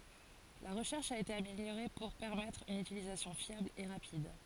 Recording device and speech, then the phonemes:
forehead accelerometer, read sentence
la ʁəʃɛʁʃ a ete ameljoʁe puʁ pɛʁmɛtʁ yn ytilizasjɔ̃ fjabl e ʁapid

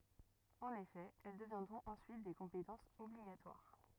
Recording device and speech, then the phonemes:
rigid in-ear microphone, read sentence
ɑ̃n efɛ ɛl dəvjɛ̃dʁɔ̃t ɑ̃syit de kɔ̃petɑ̃sz ɔbliɡatwaʁ

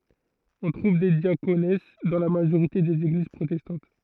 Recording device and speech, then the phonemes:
throat microphone, read sentence
ɔ̃ tʁuv de djakons dɑ̃ la maʒoʁite dez eɡliz pʁotɛstɑ̃t

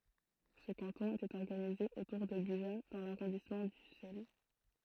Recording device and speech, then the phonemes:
throat microphone, read sentence
sə kɑ̃tɔ̃ etɛt ɔʁɡanize otuʁ də byʒa dɑ̃ laʁɔ̃dismɑ̃ dysɛl

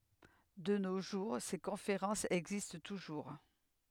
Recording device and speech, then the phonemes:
headset microphone, read sentence
də no ʒuʁ se kɔ̃feʁɑ̃sz ɛɡzist tuʒuʁ

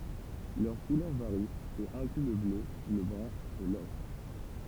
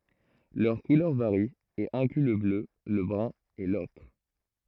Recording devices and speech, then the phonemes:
temple vibration pickup, throat microphone, read sentence
lœʁ kulœʁ vaʁi e ɛ̃kly lə blø lə bʁœ̃ e lɔkʁ

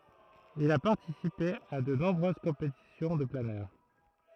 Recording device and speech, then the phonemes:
throat microphone, read sentence
il a paʁtisipe a də nɔ̃bʁøz kɔ̃petisjɔ̃ də planœʁ

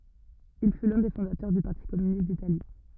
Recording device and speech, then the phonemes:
rigid in-ear microphone, read sentence
il fy lœ̃ de fɔ̃datœʁ dy paʁti kɔmynist ditali

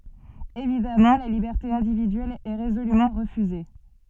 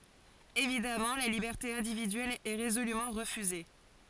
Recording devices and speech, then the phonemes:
soft in-ear microphone, forehead accelerometer, read sentence
evidamɑ̃ la libɛʁte ɛ̃dividyɛl ɛ ʁezolymɑ̃ ʁəfyze

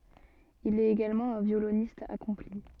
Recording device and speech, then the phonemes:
soft in-ear microphone, read sentence
il ɛt eɡalmɑ̃ œ̃ vjolonist akɔ̃pli

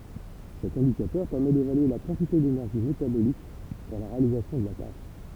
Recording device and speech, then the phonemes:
temple vibration pickup, read sentence
sɛt ɛ̃dikatœʁ pɛʁmɛ devalye la kɑ̃tite denɛʁʒi metabolik puʁ la ʁealizasjɔ̃ də la taʃ

